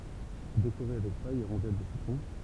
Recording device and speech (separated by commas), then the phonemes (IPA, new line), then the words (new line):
temple vibration pickup, read sentence
dekoʁe avɛk paj e ʁɔ̃dɛl də sitʁɔ̃
Décorez avec paille et rondelle de citron.